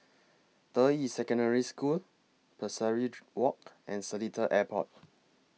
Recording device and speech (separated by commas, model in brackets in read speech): mobile phone (iPhone 6), read sentence